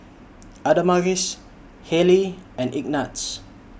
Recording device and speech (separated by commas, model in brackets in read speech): boundary microphone (BM630), read sentence